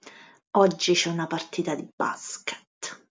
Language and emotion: Italian, disgusted